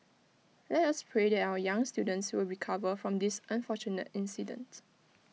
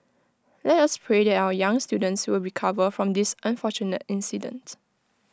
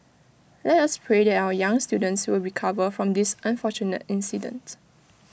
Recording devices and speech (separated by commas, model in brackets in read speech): mobile phone (iPhone 6), close-talking microphone (WH20), boundary microphone (BM630), read sentence